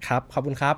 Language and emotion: Thai, happy